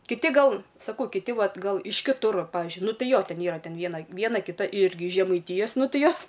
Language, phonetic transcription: Lithuanian, kiˈti ˈgal saˈkau kiˈti ˈvat ˈgal iš kiˈtur ˈpavizdžiui ˈnu ˈtai ˈjo ˈten ˈyra ˈten ˈviena ˈviena kiˈta ˈirgi iš žemaiˈtijas ˈnu ˈtɨ ˈjos

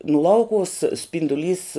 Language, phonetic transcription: Lithuanian, nu ˈlaukuvus spinduˈlys

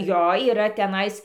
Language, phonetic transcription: Lithuanian, ˈjo yˈra teˈnais

